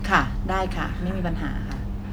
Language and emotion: Thai, neutral